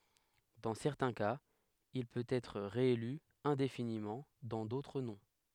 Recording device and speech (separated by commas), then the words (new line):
headset microphone, read sentence
Dans certains cas, il peut être réélu indéfiniment, dans d’autres non.